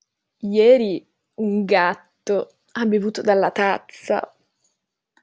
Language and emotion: Italian, disgusted